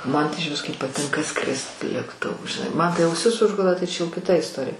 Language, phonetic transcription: Lithuanian, ˈman tai ižˈvis kaip paˈtinka ˈskrist lėkˈtuvu žiˈnai ˈman tai auˈsis ˈužgula tai čia jau kiˈta isˈtorija

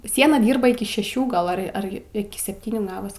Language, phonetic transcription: Lithuanian, ˈsiena ˈdyrba ˈiki šeˈšių ˈgal ˈar ˈar iˈki sepˈtynių ˈgavas

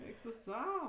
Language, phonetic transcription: Lithuanian, ˈeik tu ˈsau

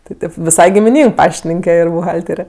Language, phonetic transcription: Lithuanian, ti ˈtėp viˈsai gimiˈnyng ˈpaštininke ˈir buˈhaltere

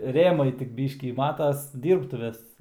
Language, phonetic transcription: Lithuanian, ˈrėmai tik ˈbyškį ˈmatas ˈdyrbtuvės

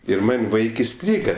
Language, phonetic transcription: Lithuanian, ir ˈman' ˈvaik iˈstryga

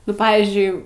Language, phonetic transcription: Lithuanian, nu ˈpavyzdžiui

